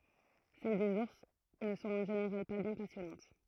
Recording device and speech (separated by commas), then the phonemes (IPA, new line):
throat microphone, read sentence
sɛl dez uʁs nə sɔ̃t ɑ̃ ʒeneʁal pa bjɛ̃ pasjɔnɑ̃t